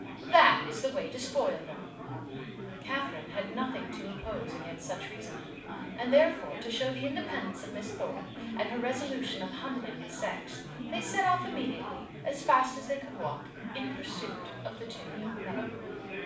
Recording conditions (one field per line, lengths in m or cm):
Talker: one person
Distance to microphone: 5.8 m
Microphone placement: far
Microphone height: 1.8 m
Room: medium-sized (5.7 m by 4.0 m)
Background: babble